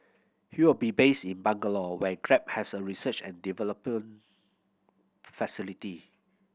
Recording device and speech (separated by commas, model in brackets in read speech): boundary microphone (BM630), read sentence